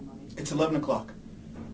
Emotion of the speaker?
neutral